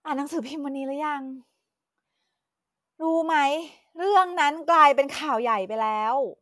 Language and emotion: Thai, frustrated